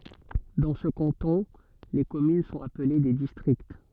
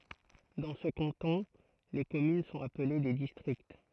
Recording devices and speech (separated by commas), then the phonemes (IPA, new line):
soft in-ear microphone, throat microphone, read sentence
dɑ̃ sə kɑ̃tɔ̃ le kɔmyn sɔ̃t aple de distʁikt